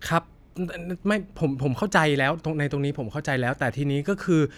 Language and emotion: Thai, frustrated